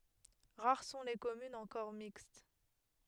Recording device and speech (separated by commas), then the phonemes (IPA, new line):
headset microphone, read sentence
ʁaʁ sɔ̃ le kɔmynz ɑ̃kɔʁ mikst